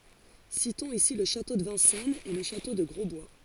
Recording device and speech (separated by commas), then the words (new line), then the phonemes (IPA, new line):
forehead accelerometer, read sentence
Citons ici le château de Vincennes et le château de Grosbois.
sitɔ̃z isi lə ʃato də vɛ̃sɛnz e lə ʃato də ɡʁɔzbwa